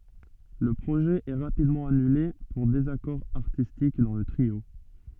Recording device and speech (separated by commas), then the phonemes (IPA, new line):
soft in-ear microphone, read sentence
lə pʁoʒɛ ɛ ʁapidmɑ̃ anyle puʁ dezakɔʁ aʁtistik dɑ̃ lə tʁio